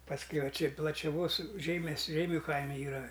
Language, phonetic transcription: Lithuanian, pasˈkiau va ˈči plačiaˈvos ˈžeimes ˈžeimiu ˈkaime ˈyra

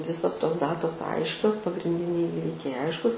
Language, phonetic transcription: Lithuanian, ˈvisos tos ˈdatos ˈaiškios pagrinˈdiniai ˈįvikiai ˈaiškus

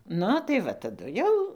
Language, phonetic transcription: Lithuanian, ˈnu tai ˈva taˈdu jau

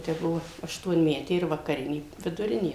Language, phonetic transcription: Lithuanian, tai ˈbuvo aštuonˈmetė ir vakaˈrinė viduˈrinė

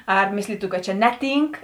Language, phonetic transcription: Lithuanian, ar ˈmėslytu kad čia ˈneˌtynk

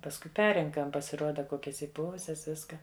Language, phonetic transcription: Lithuanian, pasˈkui ˈperrenkam pasiˈruoda ˈkokias įˈpuvusias ˈviska

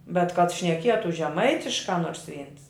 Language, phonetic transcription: Lithuanian, bet kad šneˈkietu žeˈmaitiškā ˈnors ˈvyns

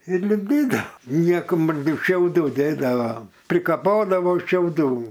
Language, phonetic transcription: Lithuanian, ir lipˈdydao nieko ˈmat ˈtik šiauˈdų ˈdėdavom prikaˈpodavo šiauˈdų

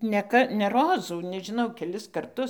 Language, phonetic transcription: Lithuanian, ne ˈka ne ˈrozų nežiˈnau keˈlis karˈtus

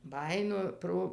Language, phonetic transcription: Lithuanian, ˈbajino ˈpro

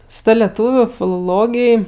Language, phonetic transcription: Lithuanian, su ˈta leˈtūviu filoˈlogij

